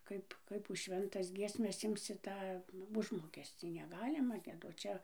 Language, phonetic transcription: Lithuanian, ˈkaip ˈkaip už ˈšventas ˈgiesmes ˈimsi ˈtą ˈužmokescį neˈgalima gieˈdot ˈčia

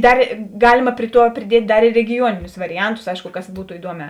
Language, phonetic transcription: Lithuanian, ˈdar ˈgalima ˈpri ˌtuo priˈdiet' ˈdar ir regiˈjuoninius variˈantus ˈaišku ˈkas ˈbūto iˈduoˌmē

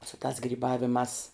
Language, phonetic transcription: Lithuanian, su tās gryˈbavimās

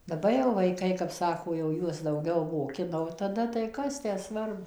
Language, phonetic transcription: Lithuanian, daˈba jau vaiˈkai kap ˈsako jau ˈjuos dauˈgiau moˈkina o taˈda tai ˈkas tę ˈsvarbu

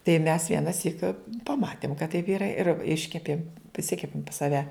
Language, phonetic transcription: Lithuanian, tai mes vienaˈsyk paˈmatėm kad taip ˈyra ir ˈiškepėm priˈsikepėm pas saˈve

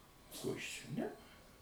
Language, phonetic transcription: Lithuanian, ˈko ˈjis ˈčia ˈne

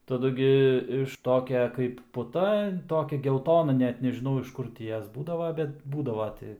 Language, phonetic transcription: Lithuanian, taˈdu gi iš ˈtokia kaip puˈta ˈtokia gelˈtona ˈnet nežiˈnau iš ˈkur ti ˈjos ˈbūdava ˈbet ˈbūdava ˈti

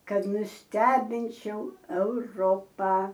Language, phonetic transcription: Lithuanian, ˈkad nusˈtebinčiau euˈropą

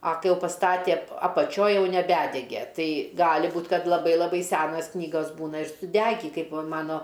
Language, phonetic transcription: Lithuanian, a ˈkai ˈjau pasˈtatė apaˈčioj ˈjau neˈbædege ˈtai ˈgali ˈbūt ˈkad laˈbai laˈbai ˈsenas ˈknygas ˈbūna ir suˈdegį ˈkaip va ˈmano

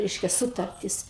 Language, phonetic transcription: Lithuanian, ˈreiškia ˈsutartis

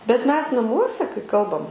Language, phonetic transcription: Lithuanian, bet ˈmes naˈmuose kai ˈkalbam

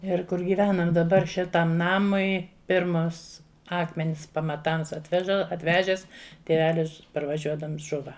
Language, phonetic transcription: Lithuanian, ir kur gyˈvenam daˈbar ˈšitam ˈnamui ˈpirmas ˈakmenis pamaˈtams atˈveža atˈvežes tėˈvelis parvaˈžiuodams ˈžuva

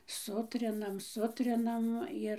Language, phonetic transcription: Lithuanian, ˈsutrinam ˈsutrinam ˈir

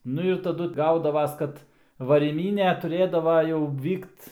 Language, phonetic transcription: Lithuanian, ˈnu ir taˈdu ˈgaudavas ˈkad varyˈmynė tuˈrėdava jau ˈvykt

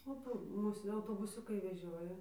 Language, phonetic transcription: Lithuanian, o ˈpo ˈmūs autobuˈsiukai veˈžioja

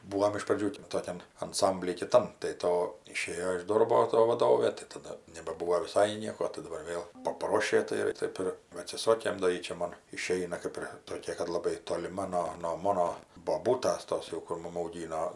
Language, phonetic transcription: Lithuanian, ˈbūom iš praˈdžių ˈtokian anˈsambly kiˈtam tai ˈto iˈšėjo iš ˈdorbo to vaˈdovė tai taˈda nebaˈbūvo viˈsai ˈnieko tai daˈbar ˈvėl paˈprošė tai ˈtaip ir va atsiˈsokė do ˈjy čia ˈmon iˈšeina ˈkaip ir toˈkia kad laˈbai toliˈma no no ˈmono boˈbūtas ˈtos jau kur ˈmum auˈgyno

